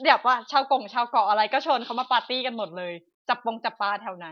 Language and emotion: Thai, frustrated